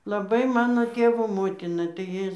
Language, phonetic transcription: Lithuanian, laˈbai ˈmano ˈtėvo ˈmotina tai ˈji

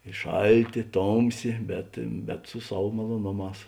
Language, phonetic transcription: Lithuanian, i ˈšalˌtė ˈtomˌsė bet bet su ˈsav maloˈnoˌmās

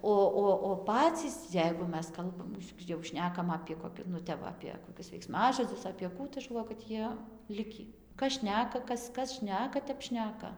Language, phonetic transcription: Lithuanian, ˈo ˈo o ˈpacys ˈjeigu ˈmes ˈkalbam jau ˈšnekam apė koˈki nu ˈtep va ˌapie koˈkius veikˈsmažodzus apie ˈkų tai ˈaš galˈvoju kad ˈjie ˈlikį kas ˈšneka ˈkas ˈkas ˈšneka ˈtep ˈšneka

